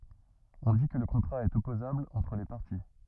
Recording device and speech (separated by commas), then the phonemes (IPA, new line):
rigid in-ear microphone, read sentence
ɔ̃ di kə lə kɔ̃tʁa ɛt ɔpozabl ɑ̃tʁ le paʁti